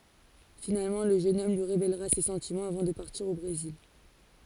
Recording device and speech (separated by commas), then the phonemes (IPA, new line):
forehead accelerometer, read sentence
finalmɑ̃ lə ʒøn ɔm lyi ʁevelʁa se sɑ̃timɑ̃z avɑ̃ də paʁtiʁ o bʁezil